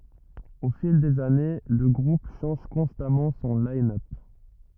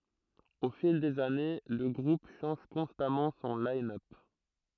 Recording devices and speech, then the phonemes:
rigid in-ear microphone, throat microphone, read sentence
o fil dez ane lə ɡʁup ʃɑ̃ʒ kɔ̃stamɑ̃ sɔ̃ linœp

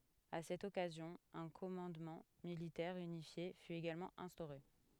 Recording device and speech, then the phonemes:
headset microphone, read sentence
a sɛt ɔkazjɔ̃ œ̃ kɔmɑ̃dmɑ̃ militɛʁ ynifje fy eɡalmɑ̃ ɛ̃stoʁe

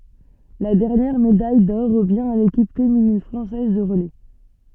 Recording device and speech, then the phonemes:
soft in-ear microphone, read sentence
la dɛʁnjɛʁ medaj dɔʁ ʁəvjɛ̃ a lekip feminin fʁɑ̃sɛz də ʁəlɛ

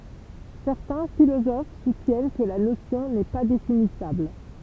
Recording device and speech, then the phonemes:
temple vibration pickup, read sentence
sɛʁtɛ̃ filozof sutjɛn kə la nosjɔ̃ nɛ pa definisabl

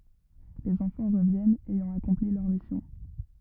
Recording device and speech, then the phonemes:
rigid in-ear microphone, read sentence
lez ɑ̃fɑ̃ ʁəvjɛnt ɛjɑ̃ akɔ̃pli lœʁ misjɔ̃

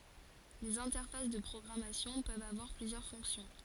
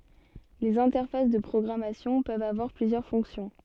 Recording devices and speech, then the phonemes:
forehead accelerometer, soft in-ear microphone, read sentence
lez ɛ̃tɛʁfas də pʁɔɡʁamasjɔ̃ pøvt avwaʁ plyzjœʁ fɔ̃ksjɔ̃

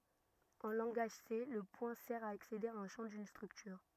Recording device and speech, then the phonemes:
rigid in-ear microphone, read sentence
ɑ̃ lɑ̃ɡaʒ se lə pwɛ̃ sɛʁ a aksede a œ̃ ʃɑ̃ dyn stʁyktyʁ

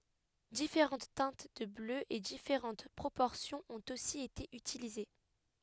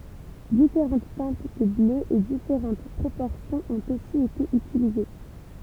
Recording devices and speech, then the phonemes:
headset microphone, temple vibration pickup, read sentence
difeʁɑ̃t tɛ̃t də blø e difeʁɑ̃t pʁopɔʁsjɔ̃z ɔ̃t osi ete ytilize

